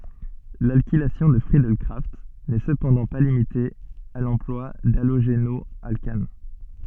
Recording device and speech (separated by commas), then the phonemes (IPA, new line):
soft in-ear microphone, read sentence
lalkilasjɔ̃ də fʁiədɛl kʁaft nɛ səpɑ̃dɑ̃ pa limite a lɑ̃plwa daloʒenɔalkan